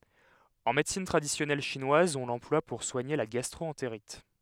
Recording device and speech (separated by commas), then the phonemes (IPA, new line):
headset microphone, read sentence
ɑ̃ medəsin tʁadisjɔnɛl ʃinwaz ɔ̃ lɑ̃plwa puʁ swaɲe la ɡastʁoɑ̃teʁit